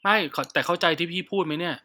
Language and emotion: Thai, frustrated